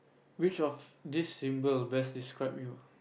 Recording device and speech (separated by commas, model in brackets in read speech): boundary microphone, conversation in the same room